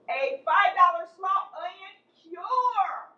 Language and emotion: English, happy